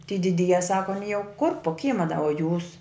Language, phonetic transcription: Lithuanian, ty diˈdyje ˈsako aˈny jau kur po ˈkyma da o jūs

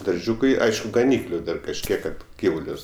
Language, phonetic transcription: Lithuanian, darˈžiūkai ˈaišku gaˈnykliu ˈdar kažˈkiek ˈkad ˈgyvulius

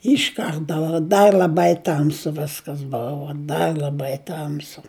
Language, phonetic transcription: Lithuanian, ˈiš ˈkarta da ˈdar l'aˈbai ˈtamsu ˈviskas ˈbuvu ˈdar l'aˈbai ˈtamsu

